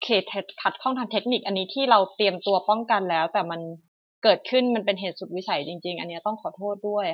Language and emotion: Thai, frustrated